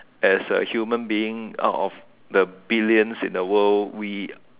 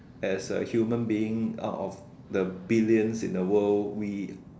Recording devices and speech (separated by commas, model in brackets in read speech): telephone, standing microphone, conversation in separate rooms